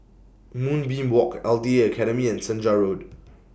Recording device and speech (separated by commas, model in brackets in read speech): boundary microphone (BM630), read sentence